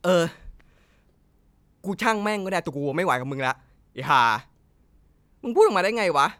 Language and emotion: Thai, angry